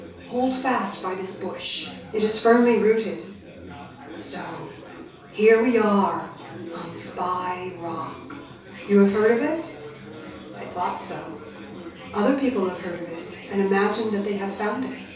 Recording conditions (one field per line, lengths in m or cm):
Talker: one person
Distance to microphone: 3.0 m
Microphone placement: far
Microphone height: 1.8 m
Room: small (3.7 m by 2.7 m)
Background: babble